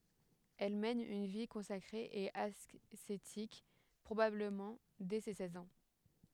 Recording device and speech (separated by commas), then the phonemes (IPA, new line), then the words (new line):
headset microphone, read sentence
ɛl mɛn yn vi kɔ̃sakʁe e asetik pʁobabləmɑ̃ dɛ se sɛz ɑ̃
Elle mène une vie consacrée et ascétique, probablement dès ses seize ans.